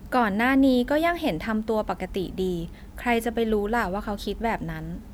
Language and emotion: Thai, neutral